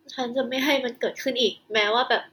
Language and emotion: Thai, sad